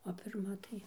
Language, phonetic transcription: Lithuanian, o pirˈma tai

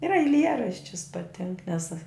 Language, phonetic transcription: Lithuanian, ir aiˈlieraščius paˈtink nes

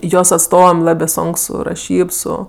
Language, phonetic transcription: Lithuanian, ˈjos atˈstovam ˈlabė ˈsonk ˈsu raˈšyb ˈsu

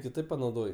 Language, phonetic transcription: Lithuanian, kiˈtaip panauˈdoj

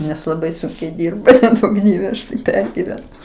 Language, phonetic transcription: Lithuanian, nes laˈbai ˈsunkiai ˈdirba neˈduok ˈdieve ˈaš tai ˈpergivenu

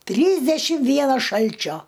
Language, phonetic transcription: Lithuanian, ˈtrysdešim ˈvienas ˈšalčio

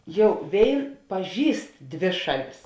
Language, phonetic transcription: Lithuanian, ˈjau ˈvėin paˈžįst ˈdvė ˈšaˌlis

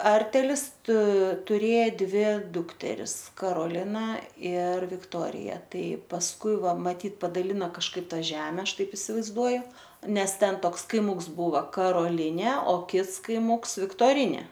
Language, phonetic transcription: Lithuanian, ˈartelis tu tuˈrėja ˈdvi ˈdukteris karoˈlina ir vikˈtorija ˈtai pasˈkui ˈva maˈtyt padaˈlina kažˈkaip ˈtą ˈžeme ˈaš ˈtaip isivaizˈduoju ˈnes ˈten ˈtoks kaiˈmuks ˈbūva karoˈlinė o ˈkits kaiˈmums viktoriˈnė

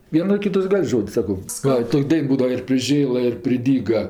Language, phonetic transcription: Lithuanian, ˈvieno ˈkitas ˈgal' ˈžod's' ˈsako ˈva ˈtok' ˈdain ˈbūdava ir priˈžėla ir priˈdyga

